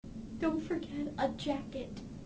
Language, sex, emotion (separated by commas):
English, female, sad